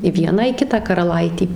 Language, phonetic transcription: Lithuanian, i ˈvieną i ˈkitą karaˈlaiti

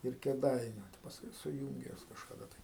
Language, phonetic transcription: Lithuanian, ir kėˈdainiu pasˈkui suˈjūnge juos kažkaˈda tai

